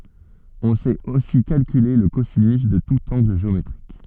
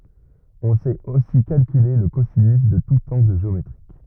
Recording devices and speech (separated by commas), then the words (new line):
soft in-ear microphone, rigid in-ear microphone, read sentence
On sait aussi calculer le cosinus de tout angle géométrique.